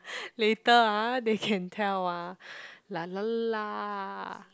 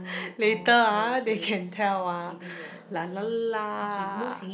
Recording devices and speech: close-talking microphone, boundary microphone, conversation in the same room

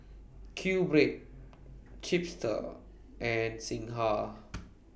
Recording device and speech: boundary microphone (BM630), read sentence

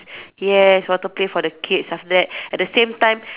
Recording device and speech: telephone, conversation in separate rooms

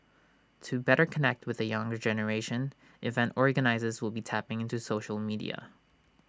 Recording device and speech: standing microphone (AKG C214), read sentence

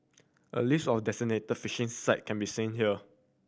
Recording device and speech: boundary microphone (BM630), read sentence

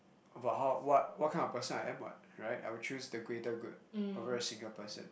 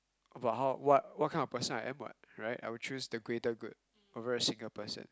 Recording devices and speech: boundary microphone, close-talking microphone, conversation in the same room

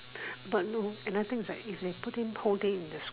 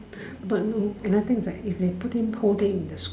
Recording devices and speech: telephone, standing microphone, conversation in separate rooms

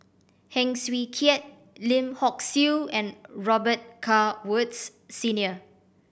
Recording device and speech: boundary microphone (BM630), read sentence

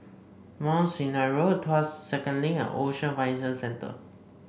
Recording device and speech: boundary microphone (BM630), read sentence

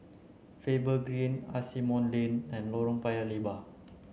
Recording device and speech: mobile phone (Samsung C9), read sentence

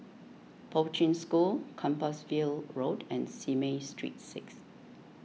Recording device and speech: mobile phone (iPhone 6), read sentence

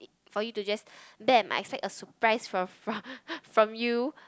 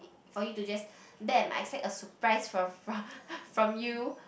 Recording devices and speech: close-talking microphone, boundary microphone, conversation in the same room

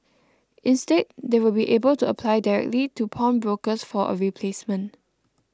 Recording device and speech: close-talking microphone (WH20), read sentence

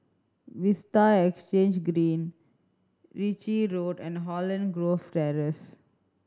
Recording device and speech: standing microphone (AKG C214), read sentence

